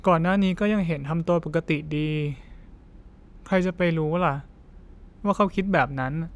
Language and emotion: Thai, frustrated